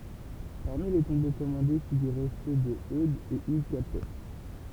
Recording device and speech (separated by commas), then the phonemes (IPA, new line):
temple vibration pickup, read sentence
paʁmi le tɔ̃bo kɔmɑ̃de fiɡyʁɛ sø də ødz e yɡ kapɛ